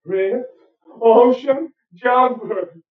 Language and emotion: English, fearful